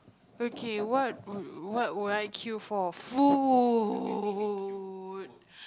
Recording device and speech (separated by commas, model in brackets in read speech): close-talking microphone, conversation in the same room